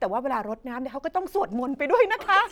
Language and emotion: Thai, happy